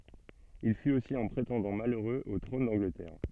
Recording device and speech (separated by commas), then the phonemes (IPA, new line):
soft in-ear microphone, read sentence
il fyt osi œ̃ pʁetɑ̃dɑ̃ maløʁøz o tʁɔ̃n dɑ̃ɡlətɛʁ